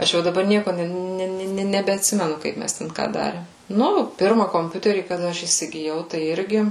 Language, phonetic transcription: Lithuanian, ˈaš jau daˈbar ˈnieko ˈne ˈne nebeatˈsimenu ˈkaip ˈmes ˈten ˈką ˈdarėm ˈnu ˈpirma komˈpiuterį kaˈda ˈaš įsigiˈjau tai ˈirgi

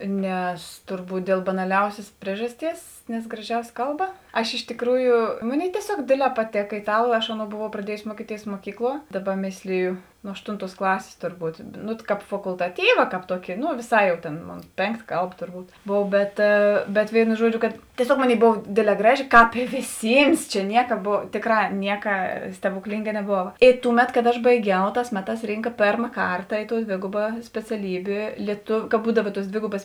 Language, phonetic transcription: Lithuanian, nes torˈbūt dėl banaˈliausės ˈpriežasˌties nes graˈžiausia ˈkalˌba aš iš tėˈkrųju ˈmoˌnėi tieˈsiog ˈdėdˌlē paˈtėka itˈalu aš ˈaˌnou boˈvau praˈdiejusi ˈmuokiˌtėis muoˈkykˌluo ˈdaˌba ˈmėsliju nu ˈaštunˌtuos ˈklasės torˈbūt ˈnu kāp fakultaˈtyva ˈkāp ˈtuoki nu vėˈsā jau tėn ˈmon ˈpėnˌkta ˈkalˌba torˈbūt ˈbov bet bet ˈvėino ˈžuoˌdžio kad tieˈsiog ˈmoˌnėi ˈbova ˈdėdˌlē ˈgraˌži ˈkāp ė vėˈsyms čia ˈnieka ˈbov ˈtėˌkra ˈnieka stebuˈklynga neˈbova i ˈtūˌmet kad aš baiˈgiau ˈtās ˈmeˌtās ˈrynka ˈpėrma ˈkarta i tou ˈdvėgoba speciaˈlybė lieˈtov ka ˈbūdava tuos ˈdvėgobas

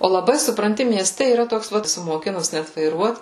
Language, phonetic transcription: Lithuanian, o laˈbai supranˈti mieˈste yˈra ˈtoks ˈvat moˈkinus ˈnet vaiˈruot

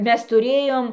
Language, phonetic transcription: Lithuanian, ˈmes tuˈrėjom

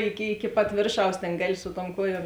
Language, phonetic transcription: Lithuanian, ˈiki iki pat ˈvėrˌšaus ˈtėn ˈgaˌli su tuom ˈkuoˌjuom

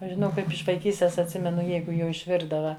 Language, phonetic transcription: Lithuanian, ˈaš žiˈnau ˈkaip iš vaiˈkystės atˈsimenu ˈjeigu jau išˈvirdava

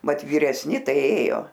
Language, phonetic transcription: Lithuanian, ˈmat vyresˈni ˈtai ˈėjo

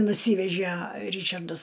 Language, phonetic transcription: Lithuanian, nuˈsyvežæ ˈryčardas

